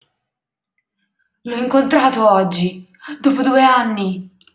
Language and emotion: Italian, fearful